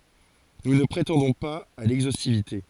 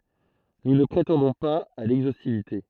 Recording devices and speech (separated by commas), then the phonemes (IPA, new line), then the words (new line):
forehead accelerometer, throat microphone, read sentence
nu nə pʁetɑ̃dɔ̃ paz a lɛɡzostivite
Nous ne prétendons pas à l'exhaustivité.